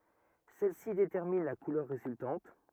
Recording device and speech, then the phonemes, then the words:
rigid in-ear microphone, read sentence
sɛlɛsi detɛʁmin la kulœʁ ʁezyltɑ̃t
Celles-ci déterminent la couleur résultante.

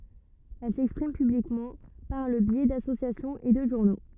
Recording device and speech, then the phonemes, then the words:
rigid in-ear microphone, read sentence
ɛl sɛkspʁim pyblikmɑ̃ paʁ lə bjɛ dasosjasjɔ̃z e də ʒuʁno
Elles s'expriment publiquement par le biais d’associations et de journaux.

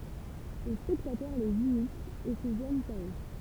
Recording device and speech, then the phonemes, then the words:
temple vibration pickup, read sentence
le spɛktatœʁ lez imitt e sə ʒwaɲt a ø
Les spectateurs les imitent et se joignent à eux.

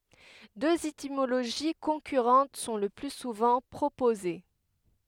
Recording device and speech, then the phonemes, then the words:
headset microphone, read sentence
døz etimoloʒi kɔ̃kyʁɑ̃t sɔ̃ lə ply suvɑ̃ pʁopoze
Deux étymologies concurrentes sont le plus souvent proposées.

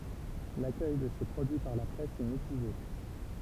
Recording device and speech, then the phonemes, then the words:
temple vibration pickup, read sentence
lakœj də se pʁodyi paʁ la pʁɛs ɛ mitiʒe
L'accueil de ces produits par la presse est mitigé.

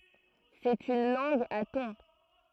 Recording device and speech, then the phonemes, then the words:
throat microphone, read sentence
sɛt yn lɑ̃ɡ a tɔ̃
C'est une langue à tons.

